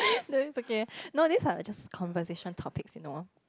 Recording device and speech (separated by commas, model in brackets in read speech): close-talking microphone, conversation in the same room